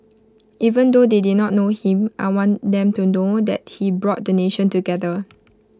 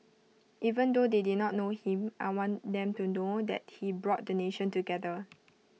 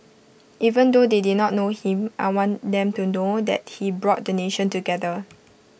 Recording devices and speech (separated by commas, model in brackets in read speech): close-talking microphone (WH20), mobile phone (iPhone 6), boundary microphone (BM630), read sentence